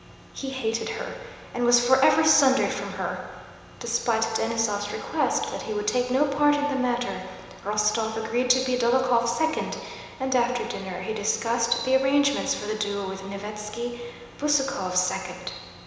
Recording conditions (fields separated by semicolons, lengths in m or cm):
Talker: one person; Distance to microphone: 1.7 m; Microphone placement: close; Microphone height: 1.0 m; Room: very reverberant, large; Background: none